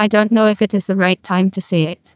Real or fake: fake